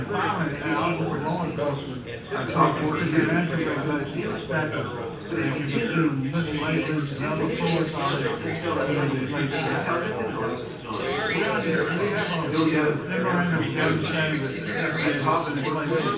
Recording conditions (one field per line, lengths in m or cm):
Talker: one person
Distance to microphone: 9.8 m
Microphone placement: far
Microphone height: 1.8 m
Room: large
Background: babble